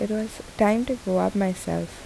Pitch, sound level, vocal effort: 205 Hz, 75 dB SPL, soft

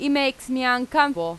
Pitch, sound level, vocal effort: 260 Hz, 92 dB SPL, very loud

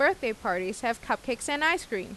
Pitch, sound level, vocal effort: 235 Hz, 88 dB SPL, normal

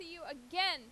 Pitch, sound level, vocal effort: 330 Hz, 98 dB SPL, loud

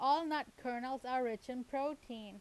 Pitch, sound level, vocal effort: 255 Hz, 90 dB SPL, loud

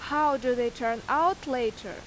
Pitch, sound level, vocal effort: 250 Hz, 91 dB SPL, very loud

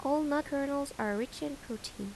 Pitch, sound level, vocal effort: 280 Hz, 80 dB SPL, soft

